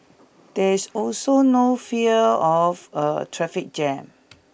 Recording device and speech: boundary microphone (BM630), read sentence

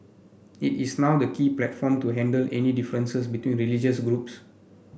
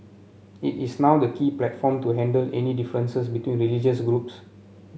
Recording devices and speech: boundary microphone (BM630), mobile phone (Samsung C7), read sentence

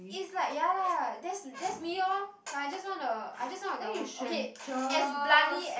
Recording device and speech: boundary microphone, conversation in the same room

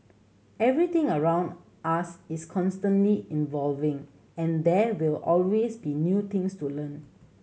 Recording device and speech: mobile phone (Samsung C7100), read sentence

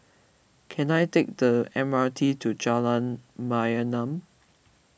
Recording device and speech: boundary microphone (BM630), read sentence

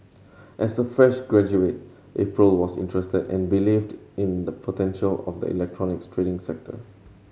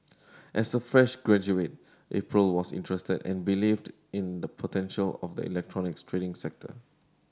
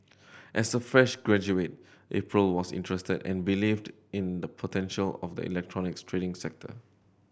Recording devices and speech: mobile phone (Samsung C7100), standing microphone (AKG C214), boundary microphone (BM630), read sentence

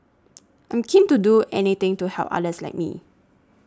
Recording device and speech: standing microphone (AKG C214), read sentence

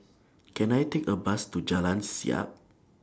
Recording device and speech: standing microphone (AKG C214), read sentence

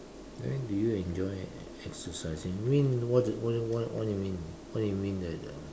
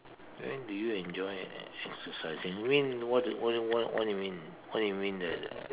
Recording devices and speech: standing microphone, telephone, conversation in separate rooms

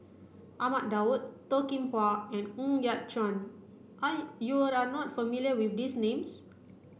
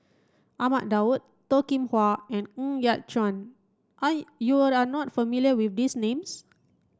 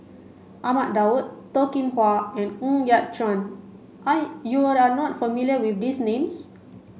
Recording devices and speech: boundary microphone (BM630), standing microphone (AKG C214), mobile phone (Samsung C5), read sentence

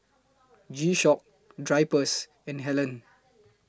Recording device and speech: close-talking microphone (WH20), read sentence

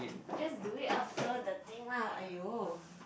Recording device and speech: boundary microphone, conversation in the same room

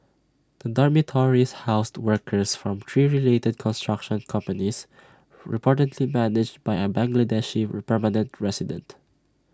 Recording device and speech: standing microphone (AKG C214), read sentence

